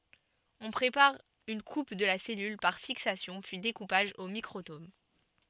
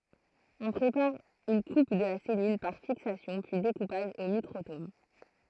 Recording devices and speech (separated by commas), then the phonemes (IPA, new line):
soft in-ear microphone, throat microphone, read sentence
ɔ̃ pʁepaʁ yn kup də la sɛlyl paʁ fiksasjɔ̃ pyi dekupaʒ o mikʁotom